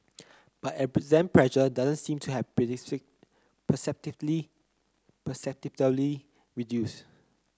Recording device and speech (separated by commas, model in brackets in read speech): close-talking microphone (WH30), read sentence